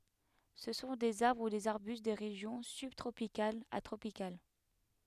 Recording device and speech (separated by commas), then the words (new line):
headset microphone, read sentence
Ce sont des arbres ou des arbustes des régions sub-tropicales à tropicales.